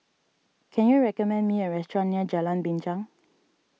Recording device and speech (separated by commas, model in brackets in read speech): mobile phone (iPhone 6), read sentence